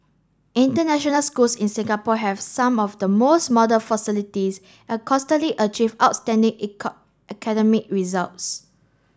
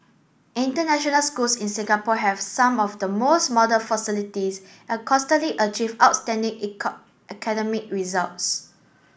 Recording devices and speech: standing microphone (AKG C214), boundary microphone (BM630), read sentence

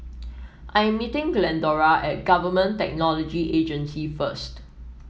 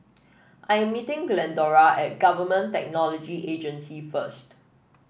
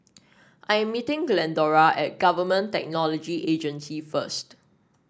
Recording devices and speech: mobile phone (iPhone 7), boundary microphone (BM630), standing microphone (AKG C214), read sentence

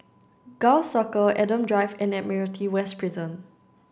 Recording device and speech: standing microphone (AKG C214), read sentence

